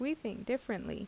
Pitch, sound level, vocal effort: 230 Hz, 79 dB SPL, normal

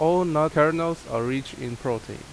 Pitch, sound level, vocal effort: 150 Hz, 85 dB SPL, loud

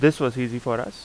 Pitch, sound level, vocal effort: 125 Hz, 86 dB SPL, loud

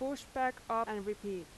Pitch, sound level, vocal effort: 225 Hz, 89 dB SPL, very loud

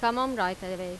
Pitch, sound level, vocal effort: 185 Hz, 92 dB SPL, loud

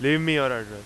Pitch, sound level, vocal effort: 135 Hz, 96 dB SPL, very loud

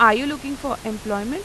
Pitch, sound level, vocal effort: 230 Hz, 92 dB SPL, loud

